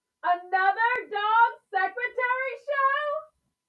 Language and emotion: English, surprised